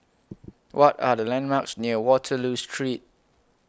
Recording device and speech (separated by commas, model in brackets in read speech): close-talking microphone (WH20), read sentence